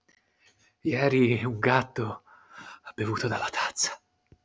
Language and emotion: Italian, fearful